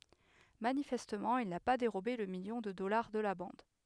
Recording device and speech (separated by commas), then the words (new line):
headset microphone, read sentence
Manifestement, il n'a pas dérobé le million de dollars de la bande.